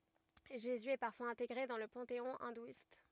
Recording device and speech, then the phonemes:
rigid in-ear microphone, read sentence
ʒezy ɛ paʁfwaz ɛ̃teɡʁe dɑ̃ lə pɑ̃teɔ̃ ɛ̃dwist

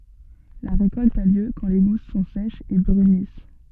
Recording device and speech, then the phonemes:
soft in-ear microphone, read sentence
la ʁekɔlt a ljø kɑ̃ le ɡus sɔ̃ sɛʃz e bʁynis

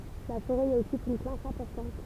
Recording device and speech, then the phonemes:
temple vibration pickup, read sentence
la foʁɛ i ɔkyp yn plas ɛ̃pɔʁtɑ̃t

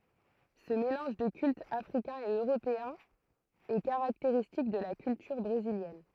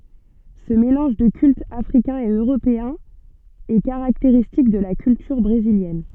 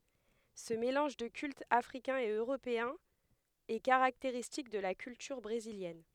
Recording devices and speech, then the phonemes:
throat microphone, soft in-ear microphone, headset microphone, read sentence
sə melɑ̃ʒ də kyltz afʁikɛ̃z e øʁopeɛ̃z ɛ kaʁakteʁistik də la kyltyʁ bʁeziljɛn

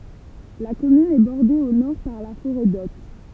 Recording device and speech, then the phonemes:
temple vibration pickup, read sentence
la kɔmyn ɛ bɔʁde o nɔʁ paʁ la foʁɛ dɔt

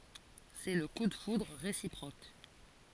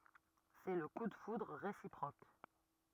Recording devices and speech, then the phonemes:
forehead accelerometer, rigid in-ear microphone, read sentence
sɛ lə ku də fudʁ ʁesipʁok

